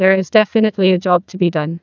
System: TTS, neural waveform model